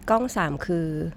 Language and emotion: Thai, neutral